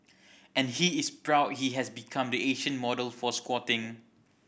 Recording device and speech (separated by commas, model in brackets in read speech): boundary microphone (BM630), read sentence